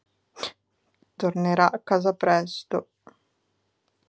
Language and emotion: Italian, sad